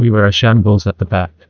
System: TTS, neural waveform model